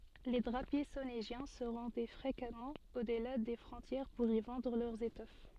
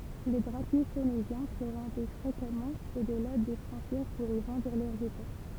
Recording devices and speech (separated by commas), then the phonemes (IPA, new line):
soft in-ear microphone, temple vibration pickup, read sentence
le dʁapje soneʒjɛ̃ sə ʁɑ̃dɛ fʁekamɑ̃ odla de fʁɔ̃tjɛʁ puʁ i vɑ̃dʁ lœʁz etɔf